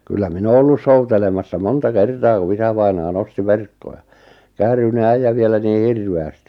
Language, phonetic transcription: Finnish, kyllä 'min ‿oo ollus 'soutelemassa 'monta 'kertaa ku 'isävainaa 'nosti "verkkoʲa , 'kääryne 'äijä vielä nii "hirve₍ästi .
- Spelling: kyllä minä olen ollut soutelemassa monta kertaa kun isävainaja nosti verkkoja käärynen äijä vielä niin hirveästi

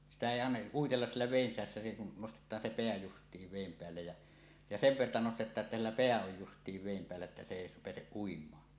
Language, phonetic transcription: Finnish, sitä èi an- , '’uitellas siellä vèin sisässä se kun "nostet̀aan 'se 'peä "just̀iiv 'vèim 'peällej jä , ja "sev 'verta 'nostet̆taaˀ ˀettä sillä "peä oj 'just̀iiv vèim peällä että se èi 'peäseˀ 'ˀuim̀aa .
- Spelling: sitä ei - uitella siellä veden sisässä se kun nostetaan se pää justiin veden päälle ja ja sen verta nostetaan että sillä pää on justiin veden päällä että se ei pääse uimaan

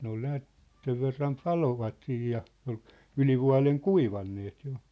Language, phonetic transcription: Finnish, 'ne ‿ol näät , 'sev verram "palovat siij ja , ol , 'yĺivua̭leŋ "kuivanneet jo .
- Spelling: ne oli näet sen verran paloivat siinä ja oli ylivuoden kuivaneet jo

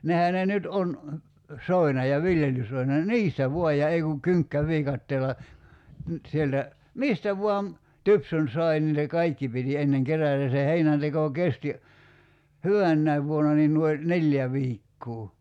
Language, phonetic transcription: Finnish, 'nehä ne 'nyt on , 'soina ja "viljelysoina (ni) "niistä 'vuaj ja 'ei kuŋ 'kyŋkkä'viikatteela , nyt sieltä , "mistä vuam , "typsyn 'sai ni se "kaikki piti 'enneŋ 'kerä̀tä (ja) se 'heinänteko 'kesti , "hyvännäiv vuona niin nuoi , "neĺjä 'viikkuu .
- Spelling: nehän ne nyt on soina ja viljelysoina niin niistä vain ja ei kun kynkkäviikatteella nyt sieltä mistä vain tupsun sai niin se kaikki piti ennen kerätä ja se heinänteko kesti hyvänäkin vuona niin noin neljä viikkoa

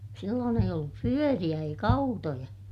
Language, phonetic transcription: Finnish, silloon ‿eij ‿ollup pyöriʲä eik ‿autoja .
- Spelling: silloin ei ollut pyöriä eikä autoja

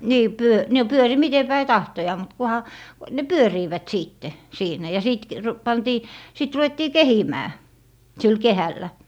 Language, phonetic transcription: Finnish, nii 'pyö- , no 'pyöri 'mite päi "tahtojaa mut 'kuha , ne "pyöriivät 'siitte , 'siinä ja 'sìt k- , r- , 'pantii , sit 'ruʷettii "kehimää , sil "kehällä .
- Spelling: niin - no pyöri miten päin tahtoo mutta kunhan ne pyörivät sitten siinä ja sitten - - pantiin sitten ruvettiin kehimään sillä kehällä

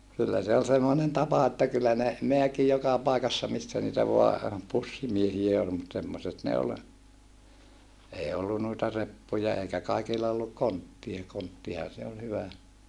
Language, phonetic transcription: Finnish, kyllä se ol semmonen tapa että kyllä ne , meäki joka pàikassa missä niitä voa , pussimiehiä ol mut semmoset ne ol , ei ollu nuita reppuja eikä kaikilla olluk konttia konttiha se ol hyvä .
- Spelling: kyllä se oli semmoinen tapa että kyllä ne määki joka paikassa missä niitä vain pussimiehiä oli mutta semmoiset ne oli ei ollut noita reppuja eikä kaikilla ollut konttia konttihan se oli hyvä

